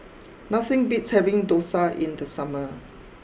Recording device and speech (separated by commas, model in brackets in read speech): boundary microphone (BM630), read sentence